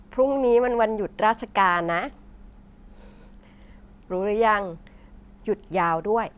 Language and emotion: Thai, happy